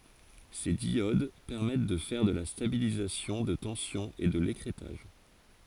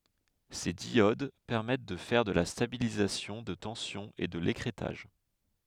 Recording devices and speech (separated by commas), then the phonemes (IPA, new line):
forehead accelerometer, headset microphone, read sentence
se djod pɛʁmɛt də fɛʁ də la stabilizasjɔ̃ də tɑ̃sjɔ̃ e də lekʁɛtaʒ